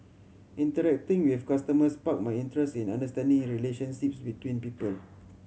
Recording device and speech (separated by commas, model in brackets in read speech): mobile phone (Samsung C7100), read sentence